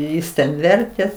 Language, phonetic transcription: Lithuanian, ˈjis ten ˈvertė

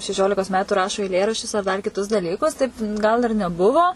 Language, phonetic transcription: Lithuanian, šeˈšiolikos ˈmetu ˈrašo eiˈlėraščius ar dar kiˈtus daˈlykus taip ˈgal ir neˈbuvo

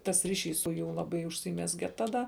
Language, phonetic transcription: Lithuanian, tas ˈriˌšys su ˈjų ˈlaˌbai užsyˈmezge ˈtaˈda

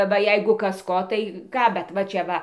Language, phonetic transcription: Lithuanian, ˈva ˈjeigu ˈkas ˈko tai ˈką bet ˈva čia ˈva

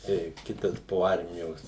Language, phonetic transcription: Lithuanian, tai ˈkitas po ˈarmijos

